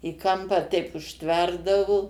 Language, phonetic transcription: Lithuanian, i ˈkampą teip užˈtverdavo

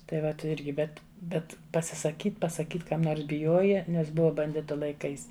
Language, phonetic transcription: Lithuanian, tai ˈvat ˈirgi ˈbet ˈbet pasisaˈkyt pasaˈkyt ˈkam ˈnors biˈjoja ˈnes ˈbuva banˈditu laiˈkais

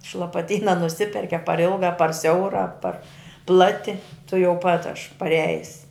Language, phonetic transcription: Lithuanian, iš lapaˈtyna nuˈsiperki a par ˈilga a par ˈsiaura a par ˈplati tuˈjau pat aš paˈrejis

